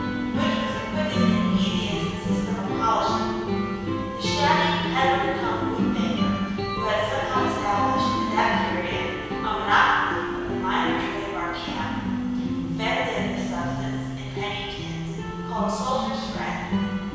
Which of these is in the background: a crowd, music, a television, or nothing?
Music.